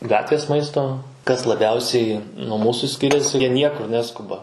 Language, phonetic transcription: Lithuanian, ˈgatvės ˈmaisto kas laˈbiausiai nuo ˈmūsu ˈskiriasi jie ˈniekur ˈneskuba

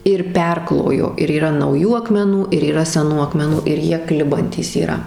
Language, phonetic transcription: Lithuanian, ir ˈperklojo ir yˈra nauˈjų akmeˈnų ir yˈra seˈnų akmeˈnų ir ˈjie ˈklibantys yˈra

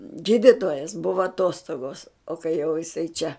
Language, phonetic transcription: Lithuanian, ˈgyditojas ˈbuva aˈtostogos o kai jau jiˈsai čia

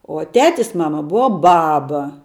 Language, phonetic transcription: Lithuanian, o ˈtetis ˈmama ˈbuva ˈbaba

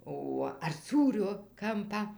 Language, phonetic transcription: Lithuanian, ˈo ar ˈsūrio ˈkampą

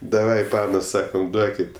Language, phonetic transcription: Lithuanian, daˈvai ˈpanos ˈsakam ˈduokit

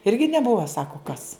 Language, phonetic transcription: Lithuanian, irgi neˈbuvo ˈsako kas

